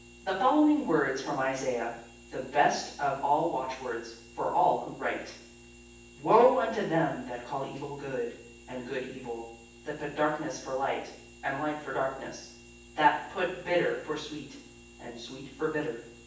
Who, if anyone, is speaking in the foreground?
One person.